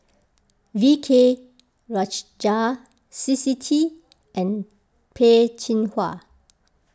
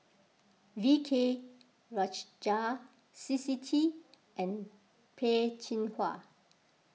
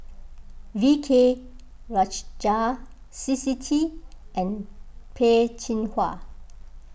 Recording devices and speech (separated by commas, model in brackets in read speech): close-talking microphone (WH20), mobile phone (iPhone 6), boundary microphone (BM630), read sentence